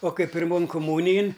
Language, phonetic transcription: Lithuanian, o ˈkai pirˈmon kuˈmūnijin

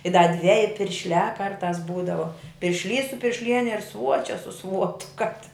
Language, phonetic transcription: Lithuanian, i da ˈdveji piršˈliā ˈkartās ˈbūdavo piršˈlys su piršˈliene ir ˈsvuočia su ˈsvuotu kap ti

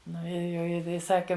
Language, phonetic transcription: Lithuanian, ˈnu ir jau ˈji i ˈsaki

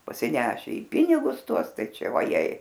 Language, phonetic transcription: Lithuanian, pasiˈneše į ˈpinigus ˈtuos ˈtai ˈčia vaˈjei

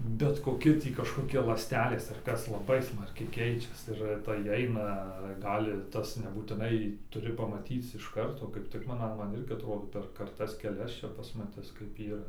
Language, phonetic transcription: Lithuanian, bet koˈki tį kažkoˈki ląsˈtelės ar ˈkas laˈbai ˈsmarkiai ˈkeičias ir tai ˈaina ˈgali ˈtas nebūtiˈnai tuˈri pamaˈtyc iš ˈkarto kaip ˈtik man a ˈman ˈirgi atˈrodo per karˈtas keˈlias ˈčia pasmaˈtis kaip yˈra

